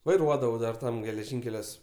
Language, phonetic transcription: Lithuanian, vaiˈruodavau dar ˈtam geleˈžinkeliuos

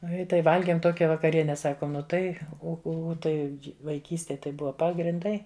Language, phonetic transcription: Lithuanian, ˈnu i ˈtai ˈvalgėm ˈtokia vakaˈriene ˈsakom ˈnu ˈtai ˈu ˈu ˈtai vaiˈkystėj tai ˈbuva pagrinˈdai

